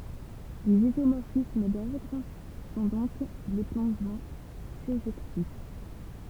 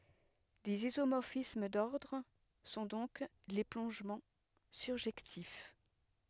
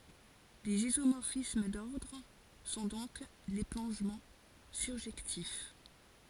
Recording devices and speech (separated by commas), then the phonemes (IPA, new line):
temple vibration pickup, headset microphone, forehead accelerometer, read sentence
lez izomɔʁfism dɔʁdʁ sɔ̃ dɔ̃k le plɔ̃ʒmɑ̃ syʁʒɛktif